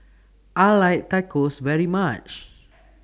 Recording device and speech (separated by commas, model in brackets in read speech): standing microphone (AKG C214), read sentence